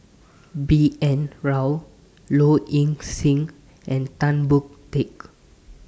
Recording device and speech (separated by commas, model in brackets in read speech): standing microphone (AKG C214), read sentence